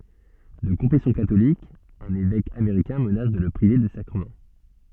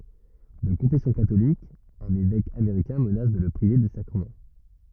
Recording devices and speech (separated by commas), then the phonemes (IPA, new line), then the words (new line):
soft in-ear microphone, rigid in-ear microphone, read sentence
də kɔ̃fɛsjɔ̃ katolik œ̃n evɛk ameʁikɛ̃ mənas də lə pʁive de sakʁəmɑ̃
De confession catholique, un évêque américain menace de le priver des sacrements.